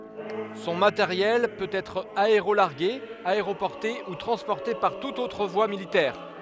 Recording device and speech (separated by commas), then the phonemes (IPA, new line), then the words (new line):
headset microphone, read sentence
sɔ̃ mateʁjɛl pøt ɛtʁ aeʁolaʁɡe aeʁopɔʁte u tʁɑ̃spɔʁte paʁ tutz otʁ vwa militɛʁ
Son matériel peut être aérolargué, aéroporté ou transporté par toutes autres voies militaires.